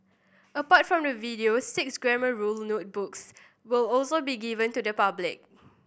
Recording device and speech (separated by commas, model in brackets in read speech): boundary microphone (BM630), read sentence